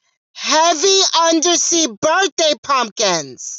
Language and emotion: English, neutral